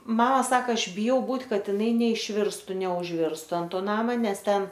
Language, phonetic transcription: Lithuanian, ˈmama ˈsaka ˈaš biˈjau ˈbūt' ˈkad iˈnai neišˈvirstu neužˈvirstu ant ˈto ˈnama ˈnes ˈten

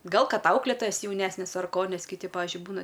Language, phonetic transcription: Lithuanian, ˈgal ˈkad ˈauklėtojas jauˈnesnes ar ˈko ˈnes kiˈti ˈpavižiui ˈbūna

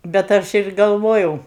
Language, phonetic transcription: Lithuanian, bet ˈaš ir galˈvojau

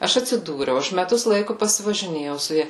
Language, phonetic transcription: Lithuanian, ˈaš atsiˈdūriau ˈaš meˈtus ˈlaiku pasivažiˈnėjau su ˈja

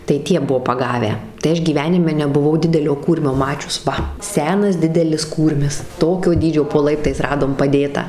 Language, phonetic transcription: Lithuanian, tai ˈtie ˈbuo paˈgavę tai ˈaš gyˈvenime nebuˈvau dideˈlio ˈkūrmio ˈmačius ˈva ˈsenas ˈdidelis ˈkūrmis ˈtokio ˈdydžio po ˈlaiptais ˈradom paˈdėtą

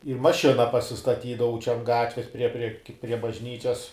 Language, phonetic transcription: Lithuanian, ir maˈšina pasistaˈtydavau čia an ˈgatves prie prie ki prie bažˈnyčias

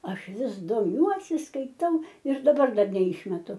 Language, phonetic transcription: Lithuanian, ˈaš ˈvis doˈmiuosi skaiˈtau ir daˈbar ˈdar neˈišmetu

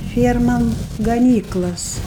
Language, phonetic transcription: Lithuanian, ˈfiermam gaˈnyklas

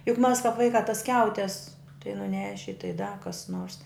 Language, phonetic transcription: Lithuanian, juk mas kāp ˈvaikā tas ˈskiautes tai nuˈneši tai da kas nors

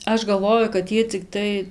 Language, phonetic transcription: Lithuanian, ˈaš galˈvoju kad ˈjie ciˈktai

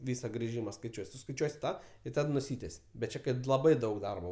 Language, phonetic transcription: Lithuanian, ˈvysa griˈžyma skaiˈčiuoj suskaiˈčiuosi ˈtą i ˈtad nuˈsytes' bet ˈčia ˈkad laˈbai ˈdaug ˈdarbo

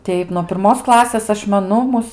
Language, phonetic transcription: Lithuanian, ˈteip nuo pirˈmos ˈklasės ˈaš meˈnu ˈmus

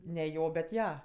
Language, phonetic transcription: Lithuanian, ne ˈjo bet ˈja

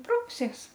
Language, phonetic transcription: Lithuanian, ˈprausies

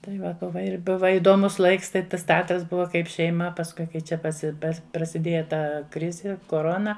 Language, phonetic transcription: Lithuanian, tai ˈva ˈbuva ir ˈbuva idoˈmus ˈlaiks ˈtai ˈtas teˈatras ˈbuva ˈkaip šeiˈma pasˈkui kai ˈčia paˈsi ˈpas prasiˈdėja ˈta ˈkrizi koˈrona

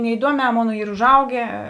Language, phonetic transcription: Lithuanian, neiˈduomē ˈmona ˈyr užˈaugė

